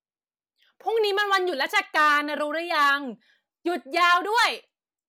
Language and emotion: Thai, angry